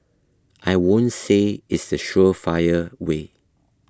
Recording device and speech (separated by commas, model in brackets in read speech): close-talking microphone (WH20), read sentence